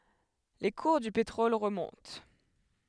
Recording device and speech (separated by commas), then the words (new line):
headset microphone, read sentence
Les cours du pétrole remontent.